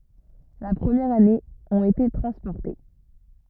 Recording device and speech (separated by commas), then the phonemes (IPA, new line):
rigid in-ear microphone, read sentence
la pʁəmjɛʁ ane ɔ̃t ete tʁɑ̃spɔʁte